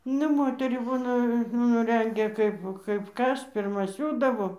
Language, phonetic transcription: Lithuanian, ˈne ˈmoterį ˈbūna nu ˈrengia ˈkaip kaip ˈkas pirˈma ˈsiūdavo

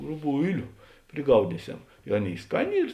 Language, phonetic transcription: Lithuanian, ruˈbuiliu priˈgaudysiau i ˈaˌnėi ˈskaˌnė ˈyr

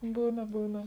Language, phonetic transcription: Lithuanian, ˈbūna ˈbūna

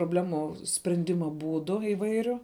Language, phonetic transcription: Lithuanian, probˈlemų sprenˈdima ˈbūdu iˈvairiu

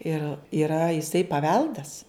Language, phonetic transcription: Lithuanian, ir yˈra jiˈsai paˈveldas

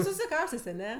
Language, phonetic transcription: Lithuanian, susiˈkaustės' aˈne

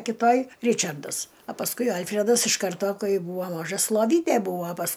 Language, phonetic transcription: Lithuanian, kiˈtoj ˈričardas a pasˈkui ˈalfredas iš ˈkarto ˈkai ˈbūvo ˈmažas loˈvytė ˈbūvo pas

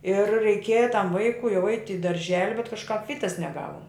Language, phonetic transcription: Lithuanian, ir reiˈkėja tam ˈvaikui jau eit' i darˈželi bet kažˈkap ˈvytas neˈgavum

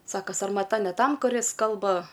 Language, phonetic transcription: Lithuanian, ˈsako sarmaˈta ne ˈtam kuˈris ˈkalba

